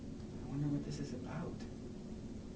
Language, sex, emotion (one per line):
English
male
neutral